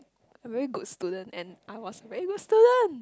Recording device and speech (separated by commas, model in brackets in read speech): close-talking microphone, conversation in the same room